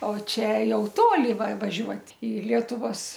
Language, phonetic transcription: Lithuanian, o ˈčia ˈjau ˈtoli va vaˈžiuot' i ˈlietuvos

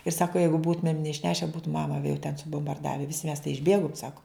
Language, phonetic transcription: Lithuanian, ir ˈsako ˈjeigu ˈbūtumėm neišˈneše ˈbūtu ˈmama vie jau ten subumbarˈdave ˈvisi mes tai išˈbėgum ˈsaku

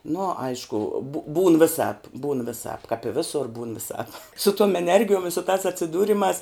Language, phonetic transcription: Lithuanian, nu ˈaišku bu būn viˈsāp būn viˈsāp kap i ˈvėsur būn viˈsāp su tuom eˈnergijuom i su tās atsiˈdūrimās

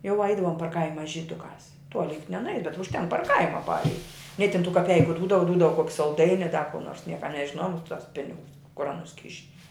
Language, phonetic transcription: Lithuanian, jau ˈaidavom par ˈkaima žyˈdukās ˈtuoli juk nenuˈei bet užˈtenk par ˈkaima ˈpareit' ni tin tų kaˈpeiku ˈdūdava ˈdūdava kuok' salˈdaini a da ku nors ˈnieka nežiˈnojom ˈapi tos ˈpinigus kur aˈnus ˈkiši

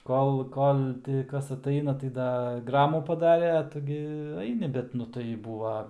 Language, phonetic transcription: Lithuanian, ˈkol ˈkol ˈti ˈkas atˈaina tai ˈda ˈgramų paˈdarė a ˈtu gi ˈaini ˈbet nu tai ˈbūva

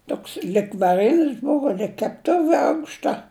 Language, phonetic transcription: Lithuanian, ˈtoks lig vaˈrinis ˈbuvo lig kepˈtuvi ˈaukšta

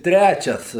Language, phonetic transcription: Lithuanian, ˈtræčias

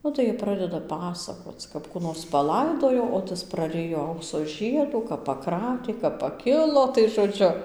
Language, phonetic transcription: Lithuanian, ˈnu tai jie ˈpradeda ˈpasakoc kap ˈkų nors paˈlaidojo o ˈtas praˈrijo ˈaukso ˈžiedų kap paˈkratė kap paˈkilo tai žoˈdžiu

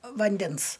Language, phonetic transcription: Lithuanian, vanˈdens

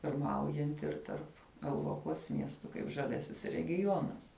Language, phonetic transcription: Lithuanian, pirˈmaujanti ir ˈtarp euˈropos ˈmiestu kaip žaˈliasis regiˈjonas

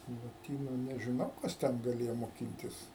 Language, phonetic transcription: Lithuanian, loˈtynu nežiˈnau ˈkas ten gaˈlėjo moˈkintis

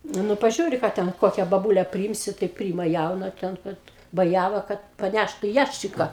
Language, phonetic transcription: Lithuanian, ˈnu paˈžiūri ˈką ˈten ˈkokia baˈbūle priˈymsi tai ˈpryima ˈjauna ˈten ˈkad baˈjæva kad paˈnæštu ˈjæščika

